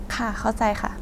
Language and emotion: Thai, frustrated